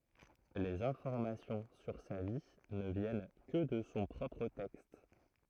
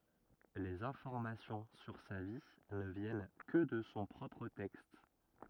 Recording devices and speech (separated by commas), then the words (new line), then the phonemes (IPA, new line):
throat microphone, rigid in-ear microphone, read sentence
Les informations sur sa vie ne viennent que de son propre texte.
lez ɛ̃fɔʁmasjɔ̃ syʁ sa vi nə vjɛn kə də sɔ̃ pʁɔpʁ tɛkst